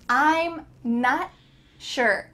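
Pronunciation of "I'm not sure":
In 'I'm not sure', the t at the end of 'not' is stopped and cut off, with no air coming out.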